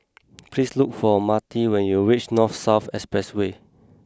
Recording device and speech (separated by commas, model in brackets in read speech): close-talking microphone (WH20), read sentence